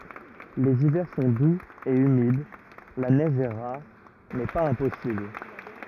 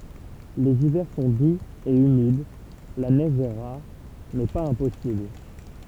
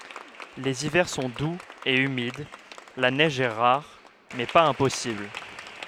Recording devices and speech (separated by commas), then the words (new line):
rigid in-ear microphone, temple vibration pickup, headset microphone, read sentence
Les hivers sont doux et humides, la neige est rare mais pas impossible.